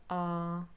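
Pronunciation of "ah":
A glottal stop is heard between the two vowel sounds: first a schwa, then an o sound.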